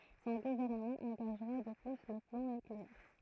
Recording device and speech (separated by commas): throat microphone, read sentence